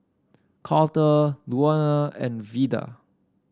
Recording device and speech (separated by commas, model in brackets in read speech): standing microphone (AKG C214), read sentence